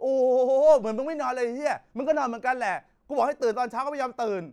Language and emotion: Thai, angry